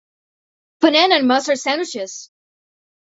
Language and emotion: English, surprised